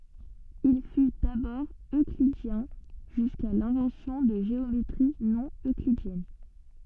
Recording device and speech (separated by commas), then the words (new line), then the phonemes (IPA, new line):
soft in-ear microphone, read sentence
Il fut d'abord euclidien jusqu'à l'invention de géométries non-euclidiennes.
il fy dabɔʁ øklidjɛ̃ ʒyska lɛ̃vɑ̃sjɔ̃ də ʒeometʁi nonøklidjɛn